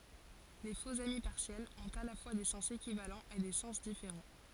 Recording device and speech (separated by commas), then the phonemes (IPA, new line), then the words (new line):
forehead accelerometer, read sentence
le foksami paʁsjɛlz ɔ̃t a la fwa de sɑ̃s ekivalɑ̃z e de sɑ̃s difeʁɑ̃
Les faux-amis partiels ont à la fois des sens équivalents et des sens différents.